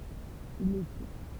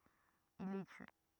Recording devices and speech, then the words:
temple vibration pickup, rigid in-ear microphone, read sentence
Il les tue.

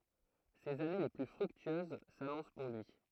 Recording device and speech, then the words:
throat microphone, read sentence
Ses années les plus fructueuses s'annoncent pour lui.

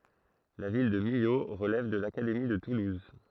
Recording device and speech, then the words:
throat microphone, read sentence
La ville de Millau relève de l'Académie de Toulouse.

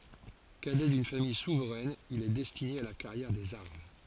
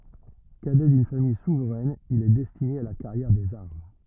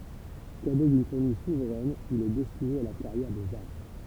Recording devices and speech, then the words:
forehead accelerometer, rigid in-ear microphone, temple vibration pickup, read sentence
Cadet d'une famille souveraine, il est destiné à la carrière des armes.

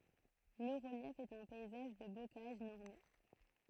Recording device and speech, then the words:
throat microphone, read sentence
Le relief est un paysage de bocage normand.

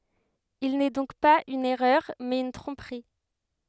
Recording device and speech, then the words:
headset microphone, read sentence
Il n’est donc pas une erreur, mais une tromperie.

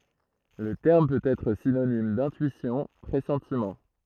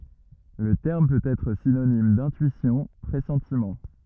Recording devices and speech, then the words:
throat microphone, rigid in-ear microphone, read sentence
Le terme peut être synonyme d'intuition, pressentiment.

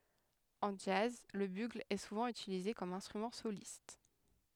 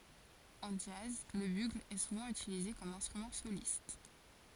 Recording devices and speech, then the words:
headset microphone, forehead accelerometer, read sentence
En jazz, le bugle est souvent utilisé comme instrument soliste.

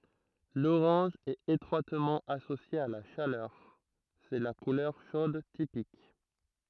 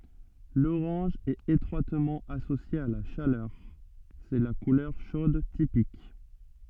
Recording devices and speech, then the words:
throat microphone, soft in-ear microphone, read sentence
L'orange est étroitement associé à la chaleur, c'est la couleur chaude typique.

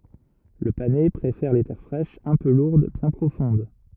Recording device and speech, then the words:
rigid in-ear microphone, read sentence
Le panais préfère les terres fraîches, un peu lourdes, bien profondes.

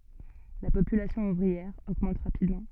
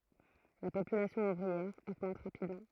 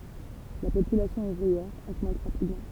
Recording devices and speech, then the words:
soft in-ear microphone, throat microphone, temple vibration pickup, read sentence
La population ouvrière augmente rapidement.

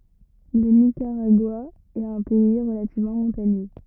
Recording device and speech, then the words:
rigid in-ear microphone, read sentence
Le Nicaragua est un pays relativement montagneux.

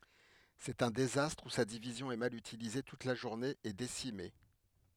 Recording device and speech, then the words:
headset microphone, read sentence
C'est un désastre où sa division est mal utilisée toute la journée et décimée.

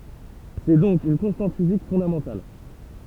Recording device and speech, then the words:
temple vibration pickup, read sentence
C'est donc une constante physique fondamentale.

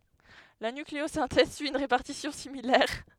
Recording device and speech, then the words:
headset microphone, read sentence
La nucléosynthèse suit une répartition similaire.

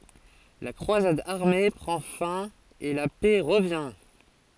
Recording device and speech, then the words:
forehead accelerometer, read sentence
La croisade armée prend fin et la paix revient.

